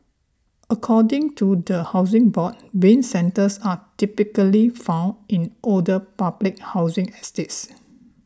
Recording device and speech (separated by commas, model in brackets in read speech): standing microphone (AKG C214), read sentence